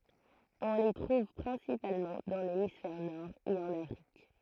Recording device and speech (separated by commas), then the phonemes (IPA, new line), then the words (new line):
throat microphone, read sentence
ɔ̃ le tʁuv pʁɛ̃sipalmɑ̃ dɑ̃ lemisfɛʁ nɔʁ e ɑ̃n afʁik
On les trouve principalement dans l'hémisphère Nord et en Afrique.